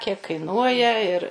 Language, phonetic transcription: Lithuanian, ˈsakė kaiˈnuoja ir

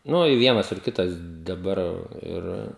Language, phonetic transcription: Lithuanian, ˈnu i ˈvienas ir ˈkitas daˈbar ˈir

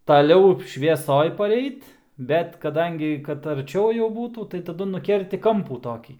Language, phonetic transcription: Lithuanian, taˈliau švieˈsoj paˈreit ˈbet kaˈdangi kad arˈčiau jau ˈbūtų tai taˈdu nuˈkerti ˈkampų ˈtokį

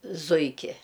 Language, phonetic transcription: Lithuanian, ˈzuiki

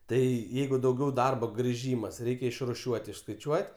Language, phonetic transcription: Lithuanian, tai ˈjeigu dauˈgiau ˈdarbo griˈžymas ˈreikia išruˈšiuot' išskaiˈčiuot'

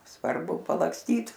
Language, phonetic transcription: Lithuanian, svarˈbu palaksˈtyt

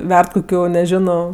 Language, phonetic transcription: Lithuanian, ˈverd koˈkių neˈžino

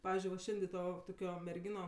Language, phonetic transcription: Lithuanian, ˈpavizdžiui va ˈšendė ˈto toˈkio merˈgyno

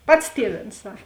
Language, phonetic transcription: Lithuanian, ˈpats ˈtieˌvėns ˈsak

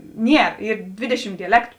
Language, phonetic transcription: Lithuanian, ˈnier ˈyr ˈdvėdeˌšim diaˈlektu

